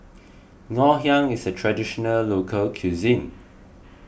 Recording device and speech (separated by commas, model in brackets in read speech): boundary microphone (BM630), read sentence